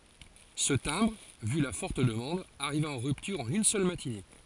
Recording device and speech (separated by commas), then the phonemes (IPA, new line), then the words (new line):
forehead accelerometer, read sentence
sə tɛ̃bʁ vy la fɔʁt dəmɑ̃d aʁiva ɑ̃ ʁyptyʁ ɑ̃n yn sœl matine
Ce timbre, vu la forte demande, arriva en rupture en une seule matinée.